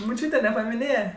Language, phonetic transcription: Lithuanian, muˈčiūte nepamiˈnėje

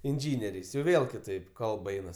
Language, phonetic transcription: Lithuanian, inˈžyneriais jau ˈvėl kiˈtaip ˈkalb ˈeinas

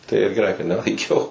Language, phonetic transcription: Lithuanian, tai ir geˈrai kad nelaiˈkiau

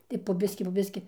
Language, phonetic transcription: Lithuanian, tai po ˈbiski po ˈbiski

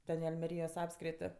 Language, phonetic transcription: Lithuanian, ˈten i almeˈryjos ˈapskriti

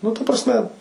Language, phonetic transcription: Lithuanian, ˈnu ta prasˈme

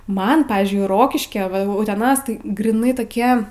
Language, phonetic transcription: Lithuanian, ˈman ˈpavyzdžiui ˈrokiškia va uteˈnas gryˈnai toˈkie

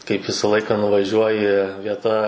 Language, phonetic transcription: Lithuanian, kaip ˈvisa ˈlaiką nuvaˈžiuoji vieˈta

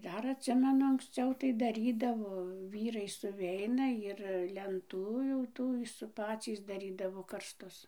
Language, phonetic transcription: Lithuanian, ˈdar atˈsimenu anksˈciau tai daˈrydavo ˈvyrai suˈveina ir lenˈtų jau ˈtų s ir ˈpacys daˈrydavo karsˈtus

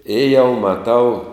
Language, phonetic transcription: Lithuanian, i jau maˈtau

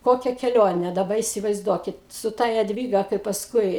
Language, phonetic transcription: Lithuanian, ˈkokia keˈlione daˈba įsivaizˈduokit su ˈta jadˈvyga kai pasˈkui

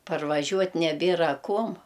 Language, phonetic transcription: Lithuanian, parvaˈžiuot' neˈbėra ˈkuom

